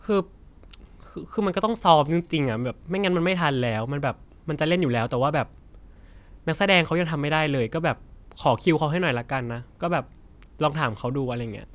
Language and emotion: Thai, frustrated